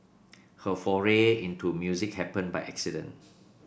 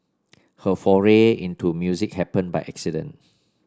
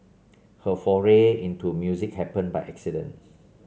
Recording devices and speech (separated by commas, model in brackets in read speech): boundary microphone (BM630), standing microphone (AKG C214), mobile phone (Samsung C7), read sentence